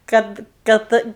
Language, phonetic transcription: Lithuanian, ˈkad ˈkad

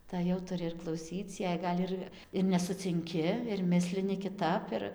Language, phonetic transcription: Lithuanian, ˈtai jau tuˈri ir klauˈsyc jei ˈgal' ir ir nesucinˈki ir ˈmislini kiˈtap ir

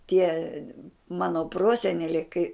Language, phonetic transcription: Lithuanian, tie ˈmano ˈproseneliai kai

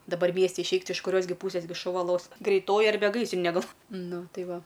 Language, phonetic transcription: Lithuanian, daˈbar ˈmiesti išˈeik ti iš kuˈrios gi ˈpūsės gi šuˈva los greiˈtoji arˈbe ˈgaisrinė ˈgal ˈnu ˈtai ˈva

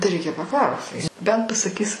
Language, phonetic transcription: Lithuanian, tai ˈreikia paˈklaus bent pasaˈkys

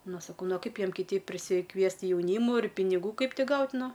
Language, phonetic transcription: Lithuanian, ˈnu saˈkau ˈnu o ˈkaip ˈjiem kiˈteip prisikˈviest jauˈnymu ir piniˈgų ˈkaip ˈti ˈgaut' ˈnu

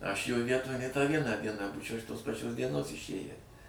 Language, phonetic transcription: Lithuanian, ˈaš jo ˈvietoj nė tą ˈvieną ˈdieną ˈbūčiau iš ˈtos paˈčios dieˈnos išˈėję

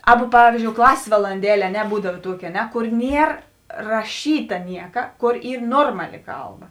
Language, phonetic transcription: Lithuanian, ˈaˌba ˈpavyzdžiou ˈklasės valanˈdelė a ˈne ˈbūdav ˈtuoki a ˈne ˈkor ˈnier raˈšyta ˈnieka ˈkor ˈyr ˈnormaˌli ˈkalˌba

